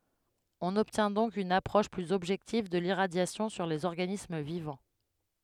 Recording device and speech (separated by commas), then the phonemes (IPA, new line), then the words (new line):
headset microphone, read sentence
ɔ̃n ɔbtjɛ̃ dɔ̃k yn apʁɔʃ plyz ɔbʒɛktiv də liʁadjasjɔ̃ syʁ dez ɔʁɡanism vivɑ̃
On obtient donc une approche plus objective de l'irradiation sur des organismes vivants.